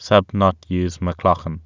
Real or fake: real